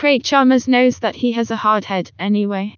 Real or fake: fake